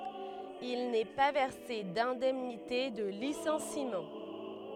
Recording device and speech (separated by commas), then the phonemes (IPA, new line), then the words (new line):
headset microphone, read sentence
il nɛ pa vɛʁse dɛ̃dɛmnite də lisɑ̃simɑ̃
Il n'est pas versé d'indemnité de licenciement.